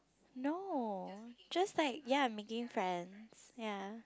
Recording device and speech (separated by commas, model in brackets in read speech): close-talking microphone, conversation in the same room